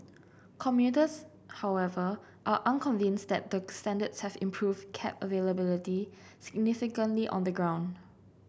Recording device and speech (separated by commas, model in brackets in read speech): boundary microphone (BM630), read sentence